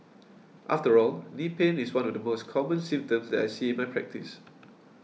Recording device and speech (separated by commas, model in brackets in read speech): mobile phone (iPhone 6), read sentence